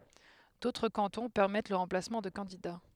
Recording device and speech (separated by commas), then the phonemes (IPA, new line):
headset microphone, read sentence
dotʁ kɑ̃tɔ̃ pɛʁmɛt lə ʁɑ̃plasmɑ̃ də kɑ̃dida